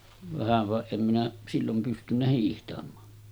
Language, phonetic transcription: Finnish, vähäv va , em minä , 'sillom 'pystynnä hiihtam̀aa .
- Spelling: vähän vaan en minä silloin pystynyt hiihtämään

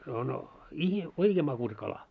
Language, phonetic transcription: Finnish, ono , ihi- , "oikee 'makusᵃ 'kala .
- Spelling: on - oikein makuisa kala

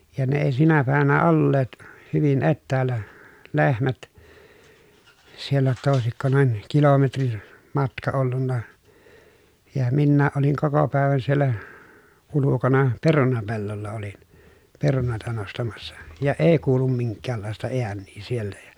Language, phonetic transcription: Finnish, ja ne èi sinä pä̀evänä olleet , hyvin ettäällä , lehmät , siellä jotta òesikko noin , kilometrin , matka ollunna , ja minnääʼ ʼoliŋ koko pä̀evän siellä , ulukona , perunapellolla olin , perunòi̮ta nostamassa , ja èi kuulum miŋkkäällàesta eännii sieltä ja .
- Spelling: ja ne ei sinä päivänä olleet hyvin etäällä lehmät siellä jotta olisiko noin kilometrin matka ollut ja minäkin olin koko päivän siellä ulkona perunapellolla olin perunoita nostamassa ja ei kuulu minkäänlaista ääniä sieltä ja

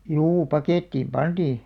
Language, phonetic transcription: Finnish, 'juu "pakèttiim "panᴅii .
- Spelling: juu pakettiin pantiin

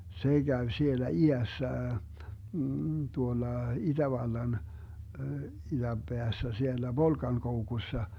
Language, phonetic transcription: Finnish, 'se 'Gäv 'sielä "i₍ässä , 'tuolla "iDävallan , 'iDämBeässä 'siellä "Volkankoukussa .
- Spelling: se kävi siellä idässä tuolla itävallan idänpäässä siellä Volkankoukussa

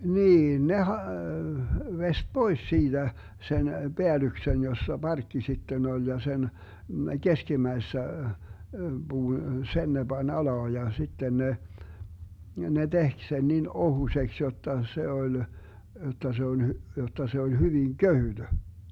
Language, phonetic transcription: Finnish, 'niin ne 'ha- , 'vest "Bois 'siiDä , 'sen , 'Beälyksen jossa "barkki 'sitten 'oĺ ja 'sen , 'keskimäissä , buu- , "sen ne 'bań 'alaa ja 'sitten ne , ne 'tehk sen nin 'ohuśeks 'jotta 'se 'oĺ , jot̆ta se 'on , jot̆ta se oĺ 'hyviŋ "köhyD .
- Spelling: niin ne - veisti pois siitä sen päällyksen jossa parkki sitten oli ja sen keskimmäisessä - sen ne pani alas ja sitten ne ne teki sen niin ohuiseksi jotta se oli jotta se on jotta se oli hyvin kevyt

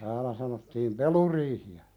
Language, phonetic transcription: Finnish, (täälä) sanottiim "peluriihi₍ä .
- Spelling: täällä sanottiin peluriihiä

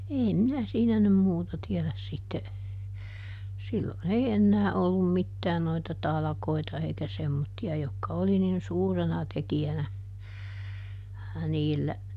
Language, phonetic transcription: Finnish, ˈeem minä ˈsiinä nym ˈmuuta tiɛläs sitte , ˈsillon ‿ei ˈennää ollum ˈmittää noita "talᵃkoita eikä ˈsemmotti₍a jokka ˈoli nin "suurena ˈteki₍änä , ˈniillä ,.
- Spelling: en minä siinä nyt muuta tiedä sitten silloin ei enää ollut mitään noita talkoita eikä semmoisia jotka oli niin suurena tekijänä niillä

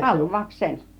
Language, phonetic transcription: Finnish, 'hal'vauk'sen .
- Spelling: halvauksen

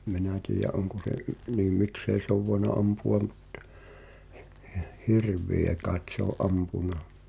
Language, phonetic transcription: Finnish, ’ᴍ 'mi̬nä tiijä’ '’oŋko se’ , niim "miksei se ‿ov voena 'ampu₍a m̥ttᴬ , hɪ- hɪ- "hirv̆vìä kàet sᵉ ‿o’ "’ampuna .
- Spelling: en minä tiedä onko se niin miksi ei se ole voinut ampua mutta - - hirviä kai se on ampunut

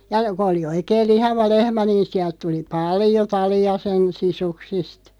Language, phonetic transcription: Finnish, ja , kᵒ oli 'oikeel "lihava 'lehmä niin 'siält 'tuli "paljo 'tali₍a sen 'sisuksist .
- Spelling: ja kun oli oikein lihava lehmä niin sieltä tuli paljon talia sen sisuksista

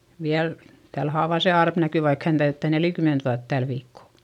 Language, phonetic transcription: Finnish, viäl , täl haavà se arp näky vaik hän täyttä̀ nelikyment vuat täl viikko .
- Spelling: vielä tällä haavaa se arpi näkyy vaikka hän täyttää neljäkymmentä vuotta tällä viikkoa

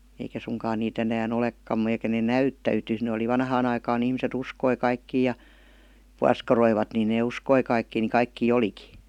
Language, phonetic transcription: Finnish, eikä suŋkaan niit ‿enää"n ‿olekkam§ eikä nee "näyttä₍ytys ne oli 'vanhaan ‿aikaan ‿ihmiset "uskoi 'kaikkii ja , "puaskaroivat ni nee "uskoi kaikkii ni 'kaikkii "oliki .
- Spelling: eikä suinkaan niitä enää olekaan eikä ne näyttäytynyt ne oli vanhaan aikaan ihmiset uskoi kaikkia ja puoskaroivat niin ne uskoi kaikkia niin kaikkia olikin

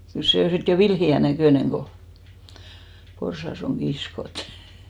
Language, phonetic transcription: Finnish, kyl 'sè o 'sit jo "vilhi₍ä 'näkö̀neŋ ɢo , 'porsas ‿oŋ 'ɢiskot .
- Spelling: kyllä se on sitten jo vilheän näköinen kun porsas on kiskottu

